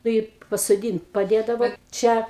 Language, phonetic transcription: Lithuanian, ˈnu i pasoˈdynt paˈdėdava ˈčia

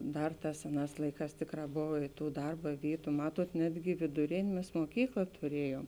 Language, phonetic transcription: Lithuanian, ˈdar ˈtās ˈseˌnās ˈlaiˌkās ˈtėkˌrā ˈbova i ˈtų ˈdarba ˈvytu ˈmatuot ˈnetgi vėduˈrėnė ˈmes moˈkykla tuˈriejuom

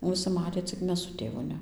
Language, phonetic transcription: Lithuanian, viˈsi ˈmatė cik ˈmes su ˈtėvu ˈne

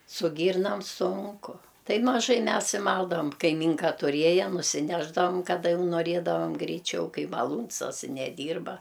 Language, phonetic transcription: Lithuanian, su ˈgyrnam ˈsunku ˈtai maˈžai ˈmes i ˈmaldavam kaiˈmynka tuˈrieja nusiˈnešdavam kaˈda ˈjau noˈrėdavam greiˈčiau ˈkai maˈlūns as i neˈdyrba

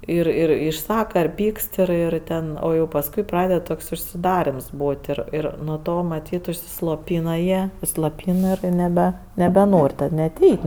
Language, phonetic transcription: Lithuanian, ir ˈir išˈsaka ir ˈpykst ir ˈir ˈten ˈo pasˈkui ˈpraded ˈtoks užsiˈdarems ˈbūt' ir ˈir nuo ˈto maˈtyt užsisloˈpyna jie sloˈpyn ir neˈbe nebeˈnor' tad net ˈeit'

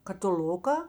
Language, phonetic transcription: Lithuanian, katiˈl'uka

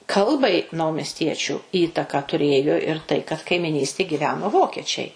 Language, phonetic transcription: Lithuanian, ˈkalbai naumesˈtiečių ˈįtaką tuˈrėjo ir tai kad kaimiˈnystėj giˈveno ˈvokiečiai

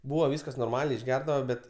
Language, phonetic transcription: Lithuanian, ˈbūva ˈvyskas norˈmaliai išˈgerdava ˈbet

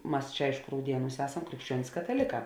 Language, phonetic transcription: Lithuanian, ˈmas ˈčia ˈaišku rauˈdieˌnūs ˈesam krikšˈčiuonis kataˈlėˌkā

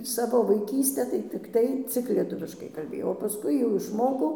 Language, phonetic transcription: Lithuanian, ˈsavo vaiˈkystę tai tikˈtai ˈcik lieˈtuviškai kalˈbėjau o paˈskui jau išˈmokau

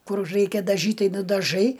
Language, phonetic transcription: Lithuanian, ˈkur ˈraikia daˈžyt' ˈtai nudaˈžai

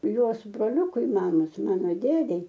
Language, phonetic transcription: Lithuanian, ˈjuos broˈliūkui ˈmamos ˈmano ˈdėdei

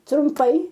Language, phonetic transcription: Lithuanian, trumˈpai

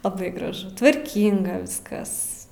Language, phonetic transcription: Lithuanian, laˈbai graˈžu tvarˈkynga ˈviskas

